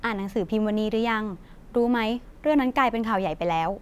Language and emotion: Thai, neutral